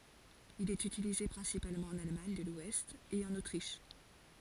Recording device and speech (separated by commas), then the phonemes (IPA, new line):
forehead accelerometer, read sentence
il ɛt ytilize pʁɛ̃sipalmɑ̃ ɑ̃n almaɲ də lwɛst e ɑ̃n otʁiʃ